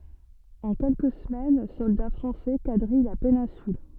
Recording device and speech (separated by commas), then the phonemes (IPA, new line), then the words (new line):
soft in-ear microphone, read sentence
ɑ̃ kɛlkə səmɛn sɔlda fʁɑ̃sɛ kadʁij la penɛ̃syl
En quelques semaines, soldats français quadrillent la péninsule.